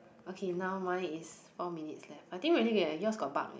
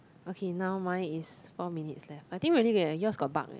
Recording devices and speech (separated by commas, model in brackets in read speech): boundary microphone, close-talking microphone, conversation in the same room